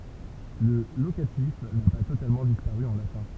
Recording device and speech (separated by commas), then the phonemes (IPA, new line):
temple vibration pickup, read sentence
lə lokatif na pa totalmɑ̃ dispaʁy ɑ̃ latɛ̃